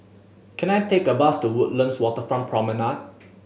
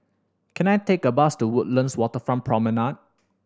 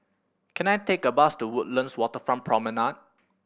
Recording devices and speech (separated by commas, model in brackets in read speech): mobile phone (Samsung S8), standing microphone (AKG C214), boundary microphone (BM630), read sentence